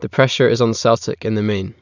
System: none